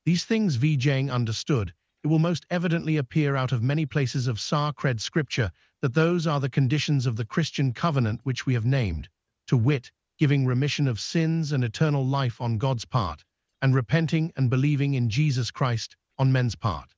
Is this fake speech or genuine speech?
fake